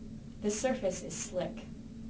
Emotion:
neutral